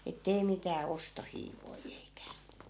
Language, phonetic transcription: Finnish, et'tei mitää "ostohiivoi eikä̀ ,.
- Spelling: että ei mitään ostohiivoja eikä

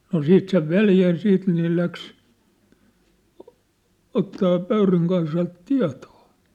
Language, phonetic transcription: Finnish, no 'siit sev "veljä ja 'siit nĭ ne 'läks , ottaa 'Pöyryŋ Kaisalt "tia̭tᴏᴏ .
- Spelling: no siitä sen veli ja siitä niin ne lähti ottamaan Pöyryn Kaisalta tietoa

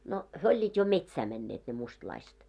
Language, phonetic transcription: Finnish, no , 'hyö oĺĺiit jo "metsää mɛnneet ne 'mustlaiset .
- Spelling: no he olivat jo metsään menneet ne mustalaiset

